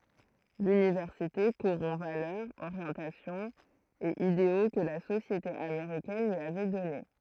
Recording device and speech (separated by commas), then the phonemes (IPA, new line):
throat microphone, read sentence
lynivɛʁsite koʁɔ̃ valœʁz oʁjɑ̃tasjɔ̃z e ideo kə la sosjete ameʁikɛn lyi avɛ dɔne